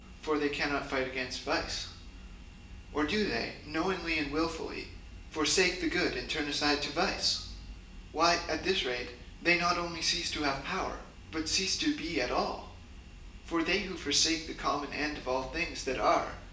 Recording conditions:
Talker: one person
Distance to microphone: 1.8 m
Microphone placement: close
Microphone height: 1.0 m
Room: large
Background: none

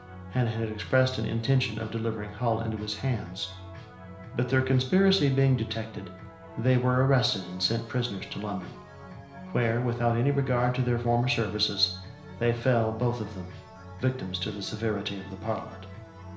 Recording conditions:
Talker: one person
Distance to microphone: 1.0 m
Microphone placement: close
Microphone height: 1.1 m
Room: small (3.7 m by 2.7 m)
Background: music

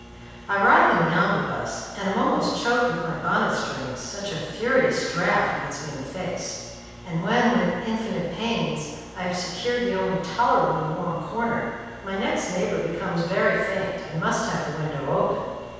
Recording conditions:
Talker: one person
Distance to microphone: 7.1 m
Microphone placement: far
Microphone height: 1.7 m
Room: very reverberant, large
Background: none

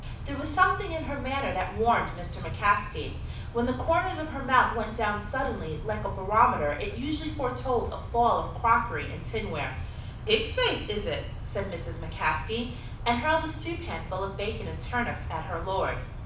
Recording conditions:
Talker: one person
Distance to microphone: 5.8 m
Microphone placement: far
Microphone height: 1.8 m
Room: medium-sized (5.7 m by 4.0 m)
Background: none

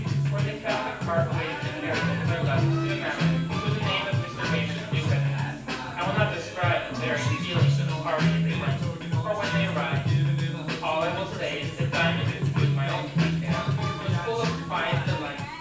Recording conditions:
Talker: one person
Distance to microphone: 9.8 m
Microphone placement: far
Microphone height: 1.8 m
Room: large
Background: music

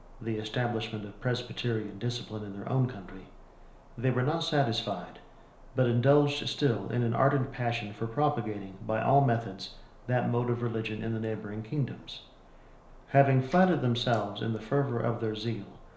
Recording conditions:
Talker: one person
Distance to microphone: 1.0 m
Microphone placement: close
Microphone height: 1.1 m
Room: small (3.7 m by 2.7 m)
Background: none

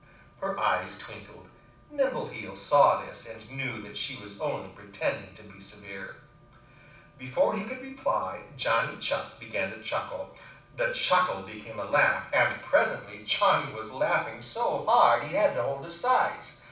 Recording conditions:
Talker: one person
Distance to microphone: 5.8 m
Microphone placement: far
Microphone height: 1.8 m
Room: medium-sized (5.7 m by 4.0 m)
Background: none

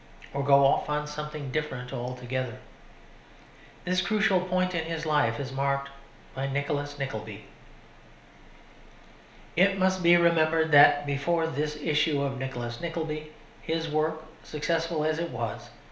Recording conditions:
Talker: one person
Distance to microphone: 1.0 m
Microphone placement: close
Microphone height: 1.1 m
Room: small (3.7 m by 2.7 m)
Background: none

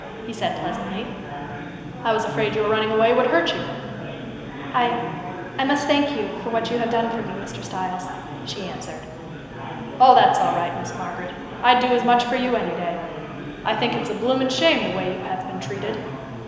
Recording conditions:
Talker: one person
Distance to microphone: 1.7 m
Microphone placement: close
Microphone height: 1.0 m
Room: very reverberant, large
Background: babble

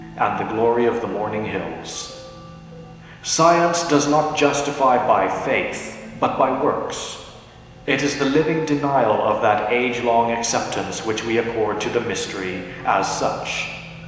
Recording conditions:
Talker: one person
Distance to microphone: 1.7 m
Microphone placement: close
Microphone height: 1.0 m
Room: very reverberant, large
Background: music

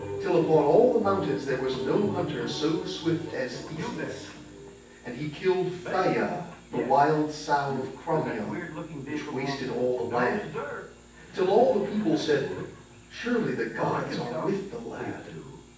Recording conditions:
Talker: one person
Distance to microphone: 9.8 m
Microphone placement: far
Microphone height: 1.8 m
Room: large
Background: television

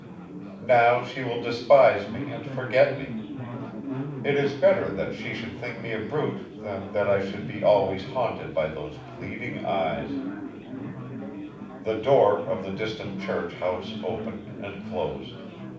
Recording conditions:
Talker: one person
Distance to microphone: 5.8 m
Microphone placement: far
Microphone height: 1.8 m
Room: medium-sized (5.7 m by 4.0 m)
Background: babble

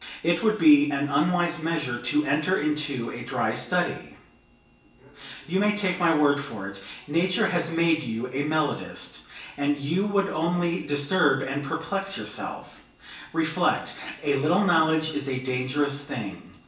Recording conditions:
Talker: one person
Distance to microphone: 1.8 m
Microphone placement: close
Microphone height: 1.0 m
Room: large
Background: television

